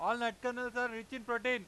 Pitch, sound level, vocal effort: 245 Hz, 102 dB SPL, very loud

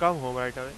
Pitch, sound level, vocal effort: 130 Hz, 97 dB SPL, loud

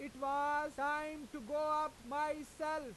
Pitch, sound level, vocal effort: 295 Hz, 102 dB SPL, very loud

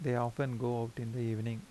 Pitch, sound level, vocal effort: 120 Hz, 80 dB SPL, soft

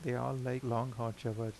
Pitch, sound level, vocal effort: 120 Hz, 82 dB SPL, soft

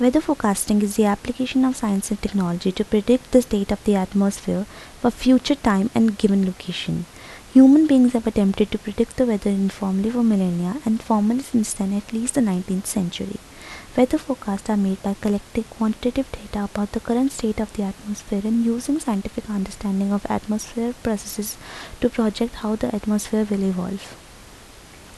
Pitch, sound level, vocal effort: 215 Hz, 75 dB SPL, soft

